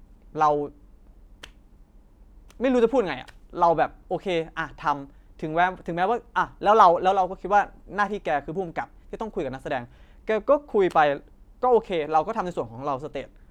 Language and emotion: Thai, frustrated